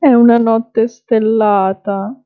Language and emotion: Italian, sad